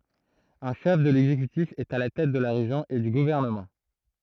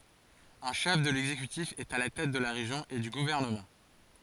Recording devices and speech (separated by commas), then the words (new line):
throat microphone, forehead accelerometer, read sentence
Un chef de l'exécutif est à la tête de la région et du gouvernement.